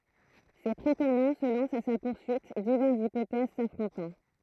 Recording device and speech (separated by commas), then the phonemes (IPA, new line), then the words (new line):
throat microphone, read sentence
se pʁetɑ̃dɑ̃ sə lɑ̃st a sa puʁsyit divɛʁsz ipotɛz safʁɔ̃tɑ̃
Ses prétendants se lancent à sa poursuite, diverses hypothèses s'affrontant.